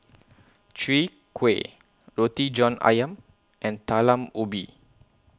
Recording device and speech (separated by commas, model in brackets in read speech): close-talking microphone (WH20), read sentence